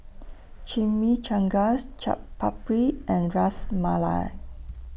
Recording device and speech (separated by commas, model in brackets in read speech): boundary microphone (BM630), read sentence